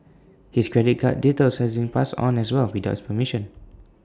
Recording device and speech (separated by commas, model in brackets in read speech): standing microphone (AKG C214), read sentence